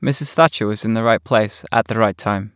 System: none